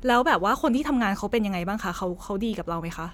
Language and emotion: Thai, neutral